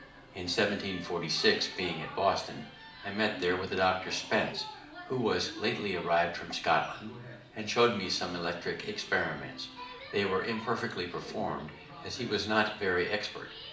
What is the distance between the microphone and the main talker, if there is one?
2.0 m.